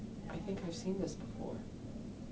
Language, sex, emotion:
English, male, neutral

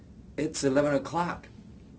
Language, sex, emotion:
English, male, neutral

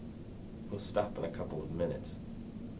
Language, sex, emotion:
English, male, neutral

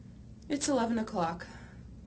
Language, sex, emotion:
English, female, neutral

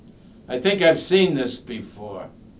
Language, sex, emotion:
English, male, neutral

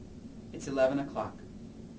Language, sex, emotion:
English, male, neutral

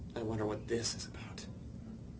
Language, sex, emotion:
English, male, neutral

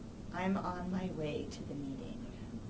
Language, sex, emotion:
English, female, disgusted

